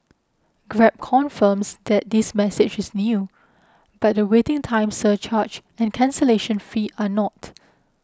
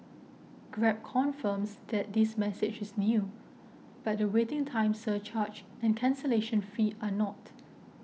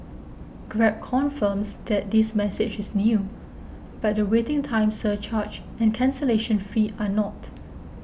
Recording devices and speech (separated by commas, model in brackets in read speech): close-talking microphone (WH20), mobile phone (iPhone 6), boundary microphone (BM630), read sentence